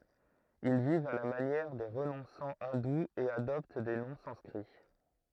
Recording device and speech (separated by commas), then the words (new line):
throat microphone, read sentence
Ils vivent à la manière des renonçants hindous et adoptent des noms sanscrits.